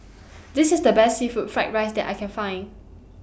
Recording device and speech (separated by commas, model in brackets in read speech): boundary microphone (BM630), read sentence